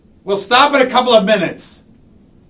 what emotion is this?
angry